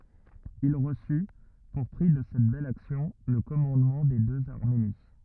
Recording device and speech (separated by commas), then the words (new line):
rigid in-ear microphone, read sentence
Il reçut, pour prix de cette belle action, le commandement des deux Arménie.